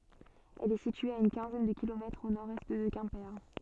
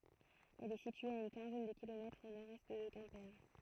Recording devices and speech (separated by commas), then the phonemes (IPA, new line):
soft in-ear microphone, throat microphone, read sentence
ɛl ɛ sitye a yn kɛ̃zɛn də kilomɛtʁz o noʁɛst də kɛ̃pe